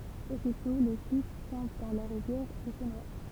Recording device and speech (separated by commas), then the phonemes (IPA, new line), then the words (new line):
temple vibration pickup, read sentence
ositɔ̃ lə fis tɔ̃b dɑ̃ la ʁivjɛʁ e sə nwa
Aussitôt le fils tombe dans la rivière et se noie.